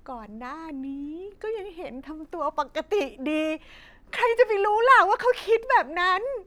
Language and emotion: Thai, happy